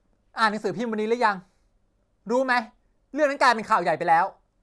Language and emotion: Thai, angry